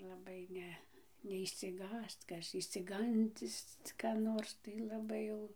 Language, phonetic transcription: Lithuanian, laˈbai ˈne neišsiˈgąsc ˈkas išsiˈgandis ka ˈnors tai laˈbai jau

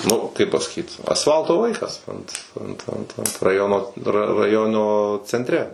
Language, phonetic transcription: Lithuanian, ˈnu kaip pasaˈkyt asˈfalto ˈvaikas ant ˈant ˈant ˈant raˈjono ra raˈjono centˈre

